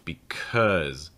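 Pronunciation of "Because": In 'because', the stressed syllable has the uh sound, the schwa sound.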